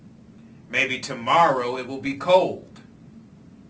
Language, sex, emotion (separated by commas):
English, male, angry